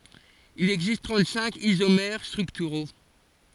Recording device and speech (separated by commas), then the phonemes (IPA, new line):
forehead accelerometer, read sentence
il ɛɡzist tʁɑ̃t sɛ̃k izomɛʁ stʁyktyʁo